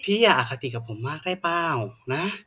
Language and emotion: Thai, frustrated